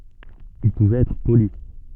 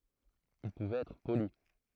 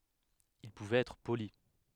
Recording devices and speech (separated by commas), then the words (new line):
soft in-ear microphone, throat microphone, headset microphone, read sentence
Il pouvait être poli.